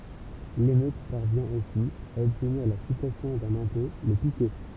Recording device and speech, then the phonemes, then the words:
temple vibration pickup, read sentence
lemøt paʁvjɛ̃ osi a ɔbtniʁ la sypʁɛsjɔ̃ dœ̃n ɛ̃pɔ̃ lə pikɛ
L’émeute parvient aussi à obtenir la suppression d’un impôt, le piquet.

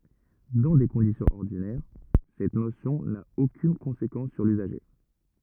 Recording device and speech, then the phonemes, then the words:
rigid in-ear microphone, read sentence
dɑ̃ de kɔ̃disjɔ̃z ɔʁdinɛʁ sɛt nosjɔ̃ na okyn kɔ̃sekɑ̃s syʁ lyzaʒe
Dans des conditions ordinaires, cette notion n'a aucune conséquence sur l'usager.

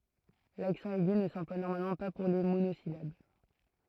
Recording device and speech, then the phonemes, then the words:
throat microphone, read sentence
laksɑ̃ ɛɡy nə sɑ̃plwa nɔʁmalmɑ̃ pa puʁ le monozilab
L'accent aigu ne s'emploie normalement pas pour les monosyllabes.

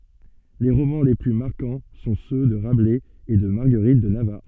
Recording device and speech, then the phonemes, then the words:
soft in-ear microphone, read sentence
le ʁomɑ̃ le ply maʁkɑ̃ sɔ̃ sø də ʁablɛz e də maʁɡəʁit də navaʁ
Les romans les plus marquants sont ceux de Rabelais et de Marguerite de Navarre.

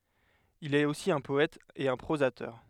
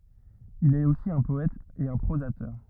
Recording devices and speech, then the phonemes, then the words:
headset microphone, rigid in-ear microphone, read sentence
il ɛt osi œ̃ pɔɛt e œ̃ pʁozatœʁ
Il est aussi un poète et un prosateur.

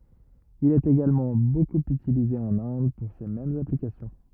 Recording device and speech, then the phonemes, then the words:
rigid in-ear microphone, read sentence
il ɛt eɡalmɑ̃ bokup ytilize ɑ̃n ɛ̃d puʁ se mɛmz aplikasjɔ̃
Il est également beaucoup utilisé en Inde pour ces mêmes applications.

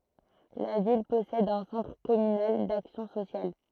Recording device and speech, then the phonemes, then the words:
throat microphone, read sentence
la vil pɔsɛd œ̃ sɑ̃tʁ kɔmynal daksjɔ̃ sosjal
La ville possède un Centre communal d'action sociale.

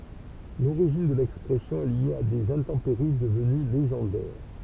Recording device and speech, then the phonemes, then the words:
temple vibration pickup, read sentence
loʁiʒin də lɛkspʁɛsjɔ̃ ɛ lje a dez ɛ̃tɑ̃peʁi dəvəny leʒɑ̃dɛʁ
L'origine de l'expression est liée à des intempéries devenues légendaires:.

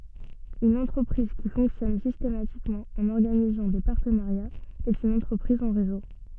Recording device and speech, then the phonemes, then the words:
soft in-ear microphone, read sentence
yn ɑ̃tʁəpʁiz ki fɔ̃ksjɔn sistematikmɑ̃ ɑ̃n ɔʁɡanizɑ̃ de paʁtənaʁjaz ɛt yn ɑ̃tʁəpʁiz ɑ̃ ʁezo
Une entreprise qui fonctionne systématiquement en organisant des partenariats est une entreprise en réseau.

